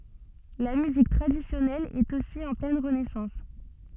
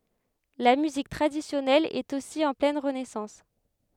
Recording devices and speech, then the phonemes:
soft in-ear microphone, headset microphone, read sentence
la myzik tʁadisjɔnɛl ɛt osi ɑ̃ plɛn ʁənɛsɑ̃s

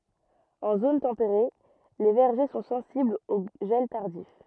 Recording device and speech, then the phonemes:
rigid in-ear microphone, read sentence
ɑ̃ zon tɑ̃peʁe le vɛʁʒe sɔ̃ sɑ̃siblz o ʒɛl taʁdif

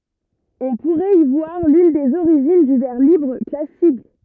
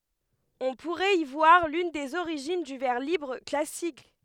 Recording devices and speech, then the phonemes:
rigid in-ear microphone, headset microphone, read sentence
ɔ̃ puʁɛt i vwaʁ lyn dez oʁiʒin dy vɛʁ libʁ klasik

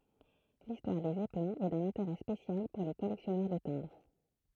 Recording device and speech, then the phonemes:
throat microphone, read sentence
listwaʁ de zɛplɛ̃z ɛ dœ̃n ɛ̃teʁɛ spesjal puʁ le kɔlɛksjɔnœʁ də tɛ̃bʁ

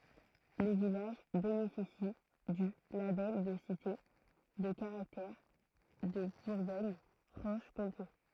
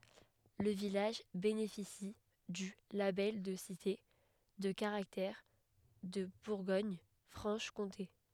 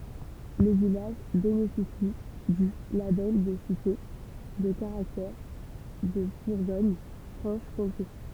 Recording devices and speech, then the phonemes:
throat microphone, headset microphone, temple vibration pickup, read sentence
lə vilaʒ benefisi dy labɛl də site də kaʁaktɛʁ də buʁɡoɲfʁɑ̃ʃkɔ̃te

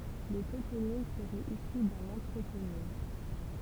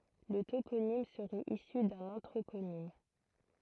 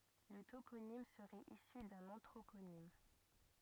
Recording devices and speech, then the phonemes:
temple vibration pickup, throat microphone, rigid in-ear microphone, read sentence
lə toponim səʁɛt isy dœ̃n ɑ̃tʁoponim

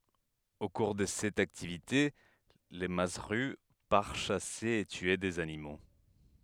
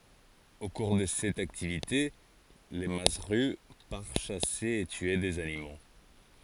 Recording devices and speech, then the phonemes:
headset microphone, forehead accelerometer, read sentence
o kuʁ də sɛt aktivite lə mazzʁy paʁ ʃase e tye dez animo

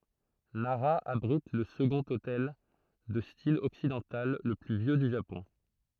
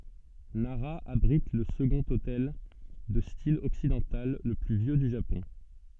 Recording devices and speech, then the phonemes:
throat microphone, soft in-ear microphone, read sentence
naʁa abʁit lə səɡɔ̃t otɛl də stil ɔksidɑ̃tal lə ply vjø dy ʒapɔ̃

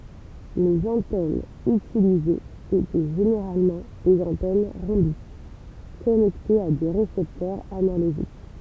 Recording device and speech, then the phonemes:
temple vibration pickup, read sentence
lez ɑ̃tɛnz ytilizez etɛ ʒeneʁalmɑ̃ dez ɑ̃tɛn ʁɔ̃bik kɔnɛktez a de ʁesɛptœʁz analoʒik

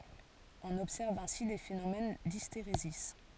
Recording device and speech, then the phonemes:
forehead accelerometer, read sentence
ɔ̃n ɔbsɛʁv ɛ̃si de fenomɛn disteʁezi

